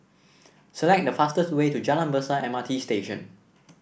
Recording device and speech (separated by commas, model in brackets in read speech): boundary microphone (BM630), read sentence